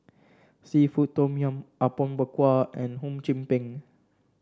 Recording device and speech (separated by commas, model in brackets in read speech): standing microphone (AKG C214), read sentence